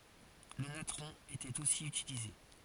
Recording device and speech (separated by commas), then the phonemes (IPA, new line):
forehead accelerometer, read sentence
lə natʁɔ̃ etɛt osi ytilize